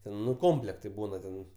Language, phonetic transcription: Lithuanian, ˈten nu ˈkomplektai ˈbūna ten

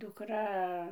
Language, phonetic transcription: Lithuanian, dukˈra

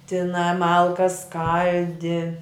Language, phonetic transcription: Lithuanian, tiˈnā ˈmalkas ˈskaldi

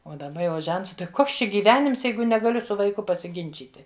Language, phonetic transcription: Lithuanian, ˈo daˈba jau ˈžents tai ˈkoks ˈčia gyˈvenims ˈjeigu negaˈliu su vaiˈku pasiˈginčyti

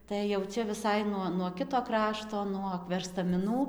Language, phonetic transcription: Lithuanian, tai jau ˈčia viˈsai nuo nuo ˈkito ˈkrašto nuog verstamiˈnų

